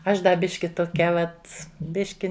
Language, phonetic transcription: Lithuanian, ˈaš ˈda ˈbiški toˈkia ˈvat ˈbiški

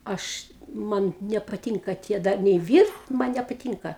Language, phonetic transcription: Lithuanian, ˈaš ˈman nepaˈtynka ˈtie ˈdar nei ˈvyrt ˈman nepaˈtynka

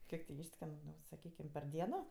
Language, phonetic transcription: Lithuanian, ˈkiek ti ˈyšsken saˈkykim per ˈdieno

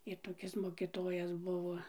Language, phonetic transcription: Lithuanian, i toˈkis mokiˈtojas ˈbuvo

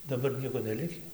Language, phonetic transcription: Lithuanian, daˈbar ˈnieko neˈlikį

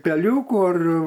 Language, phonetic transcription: Lithuanian, teˈliūku ar

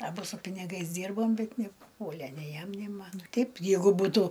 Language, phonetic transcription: Lithuanian, aˈbu su piniˈgais ˈdyrbom bet nepuˈpuole nei ˈjam nei ˈman ˈteip ˈjeigu ˈbūtu

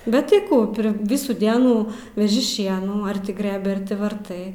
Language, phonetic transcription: Lithuanian, bet tai ˈkų ˈpri ˈvisų ˈdienų veˈži ˈšienų ar ˈti ˈgrɘbi ˈar ti varˈtai

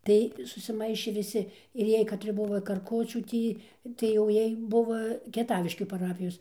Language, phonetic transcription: Lithuanian, ˈtai susiˈmaišė viˈsi ir ˈjiej katˈri ˈbuvo karˈkučių ˈtį tai jau ˈjiej ˈbuvo kieˈtaviškių paˈrapijos

